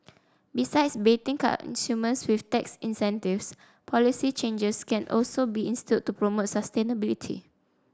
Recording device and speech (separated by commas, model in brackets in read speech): standing microphone (AKG C214), read sentence